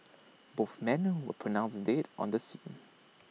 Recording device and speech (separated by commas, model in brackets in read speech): mobile phone (iPhone 6), read sentence